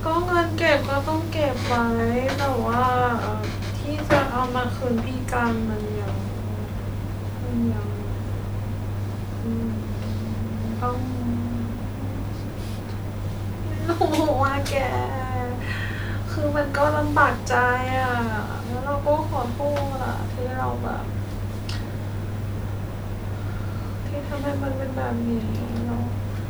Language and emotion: Thai, sad